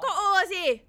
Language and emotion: Thai, angry